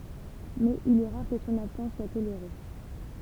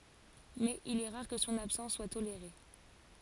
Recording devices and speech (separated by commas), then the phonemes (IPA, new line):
temple vibration pickup, forehead accelerometer, read sentence
mɛz il ɛ ʁaʁ kə sɔ̃n absɑ̃s swa toleʁe